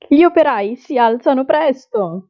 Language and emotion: Italian, happy